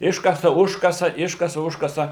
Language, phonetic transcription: Lithuanian, ˈiškasa ˈužkasa ˈiškasa ˈužkasa

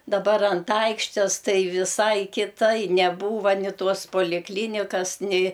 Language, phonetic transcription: Lithuanian, daˈbar ant ˈaikštės ˈtai viˈsai kiˈtai neˈbūva ni ˈtos polikˈlynikas nei

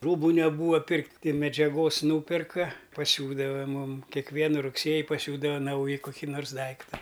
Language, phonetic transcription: Lithuanian, ˈrūbu neˈbūa ˈpirkt' ti medžiaˈgos ˈnūperka paˈsiūdava ˈmūm kekˈvienu rugˈsėji paˈsiūdava ˈnauji koˈky nors ˈdaikta

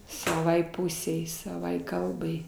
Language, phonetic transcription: Lithuanian, saˈvai ˈpusei saˈvai ˈkalbai

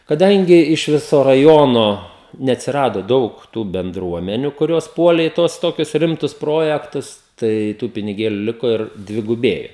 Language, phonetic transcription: Lithuanian, kaˈdangi iš ˈviso raˈjono neatsiˈrado ˈdaug tų benˈdruomeniu kuˈrios ˈpuolė i ˈtuos ˈtokius ˈrimtus ˈprojektus ˈtai ˈtų piniˈgėliu ˈliko ir dviguˈbėjo

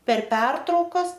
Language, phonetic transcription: Lithuanian, per ˈpertraukas

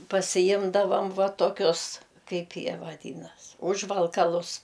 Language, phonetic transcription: Lithuanian, pasiˈjimdavam ˈva toˈkius ˈkaip ˈjie vaˈdynas ˈužvalkalus

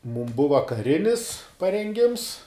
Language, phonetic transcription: Lithuanian, mūm ˈbuva kaˈrinis parenˈgims

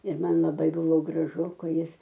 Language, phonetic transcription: Lithuanian, ir ˈman laˈbai ˈbuvo graˈžu ˈkai ˈjis

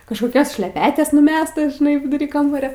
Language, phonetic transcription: Lithuanian, kažkoˈkios šleˈpetes nuˈmestas žiˈnai viduˈry ˈkambario

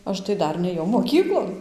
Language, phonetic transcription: Lithuanian, ˈaš tai ˈdar nėˈjau moˈkyklon

